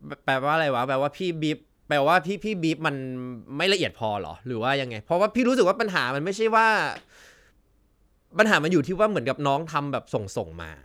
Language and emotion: Thai, frustrated